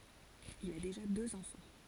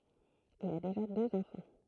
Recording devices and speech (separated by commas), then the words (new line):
forehead accelerometer, throat microphone, read sentence
Il a déjà deux enfants.